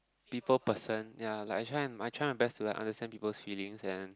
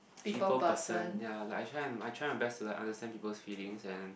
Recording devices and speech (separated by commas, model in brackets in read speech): close-talking microphone, boundary microphone, conversation in the same room